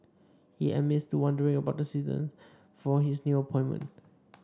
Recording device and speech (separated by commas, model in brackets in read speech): standing microphone (AKG C214), read sentence